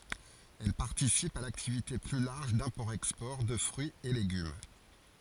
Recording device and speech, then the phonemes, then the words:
forehead accelerometer, read sentence
ɛl paʁtisipt a laktivite ply laʁʒ dɛ̃pɔʁtɛkspɔʁ də fʁyiz e leɡym
Elles participent à l'activité plus large d'import-export de fruits et légumes.

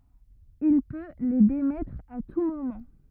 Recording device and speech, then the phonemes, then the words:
rigid in-ear microphone, read sentence
il pø le demɛtʁ a tu momɑ̃
Il peut les démettre à tout moment.

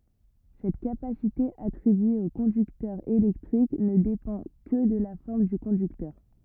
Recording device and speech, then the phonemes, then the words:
rigid in-ear microphone, read sentence
sɛt kapasite atʁibye o kɔ̃dyktœʁ elɛktʁik nə depɑ̃ kə də la fɔʁm dy kɔ̃dyktœʁ
Cette capacité attribuée au conducteur électrique ne dépend que de la forme du conducteur.

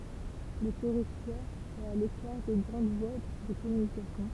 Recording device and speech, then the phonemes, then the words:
temple vibration pickup, read sentence
lə tɛʁitwaʁ ɛt a lekaʁ de ɡʁɑ̃d vwa də kɔmynikasjɔ̃
Le territoire est à l'écart des grandes voies de communication.

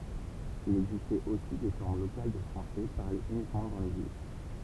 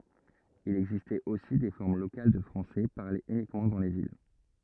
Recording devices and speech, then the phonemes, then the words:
temple vibration pickup, rigid in-ear microphone, read sentence
il ɛɡzistɛt osi de fɔʁm lokal də fʁɑ̃sɛ paʁlez ynikmɑ̃ dɑ̃ le vil
Il existait aussi des formes locales de français parlées uniquement dans les villes.

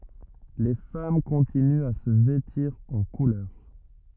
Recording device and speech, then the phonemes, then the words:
rigid in-ear microphone, read sentence
le fam kɔ̃tinyt a sə vɛtiʁ ɑ̃ kulœʁ
Les femmes continuent à se vêtir en couleurs.

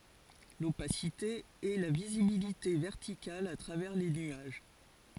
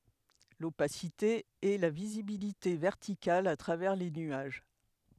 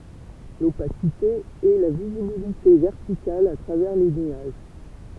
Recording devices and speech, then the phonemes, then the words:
forehead accelerometer, headset microphone, temple vibration pickup, read sentence
lopasite ɛ la vizibilite vɛʁtikal a tʁavɛʁ le nyaʒ
L’opacité est la visibilité verticale à travers les nuages.

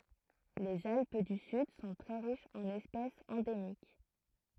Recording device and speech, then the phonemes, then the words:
throat microphone, read sentence
lez alp dy syd sɔ̃ tʁɛ ʁiʃz ɑ̃n ɛspɛsz ɑ̃demik
Les Alpes du Sud sont très riches en espèces endémiques.

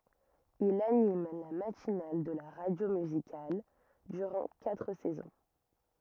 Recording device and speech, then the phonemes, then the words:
rigid in-ear microphone, read sentence
il anim la matinal də la ʁadjo myzikal dyʁɑ̃ katʁ sɛzɔ̃
Il anime la matinale de la radio musicale durant quatre saisons.

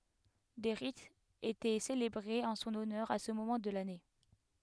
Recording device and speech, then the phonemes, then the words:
headset microphone, read sentence
de ʁitz etɛ selebʁez ɑ̃ sɔ̃n ɔnœʁ a sə momɑ̃ də lane
Des rites étaient célébrées en son honneur à ce moment de l'année.

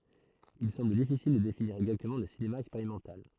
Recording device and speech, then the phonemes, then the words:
throat microphone, read sentence
il sɑ̃bl difisil də definiʁ ɛɡzaktəmɑ̃ lə sinema ɛkspeʁimɑ̃tal
Il semble difficile de définir exactement le cinéma expérimental.

